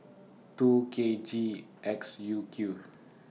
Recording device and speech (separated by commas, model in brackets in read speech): mobile phone (iPhone 6), read sentence